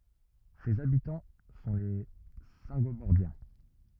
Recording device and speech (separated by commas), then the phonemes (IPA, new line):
rigid in-ear microphone, read sentence
sez abitɑ̃ sɔ̃ le sɛ̃ɡobɔʁdjɛ̃